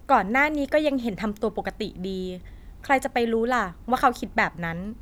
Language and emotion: Thai, frustrated